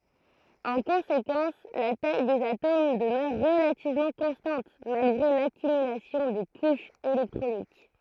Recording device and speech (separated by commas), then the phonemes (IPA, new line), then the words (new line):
throat microphone, read sentence
ɑ̃ kɔ̃sekɑ̃s la taj dez atom dəmœʁ ʁəlativmɑ̃ kɔ̃stɑ̃t malɡʁe lakymylasjɔ̃ de kuʃz elɛktʁonik
En conséquence, la taille des atomes demeure relativement constante malgré l'accumulation des couches électroniques.